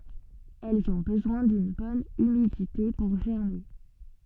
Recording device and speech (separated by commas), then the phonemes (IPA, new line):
soft in-ear microphone, read sentence
ɛlz ɔ̃ bəzwɛ̃ dyn bɔn ymidite puʁ ʒɛʁme